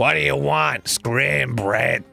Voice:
gravelly